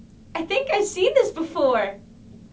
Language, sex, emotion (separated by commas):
English, female, happy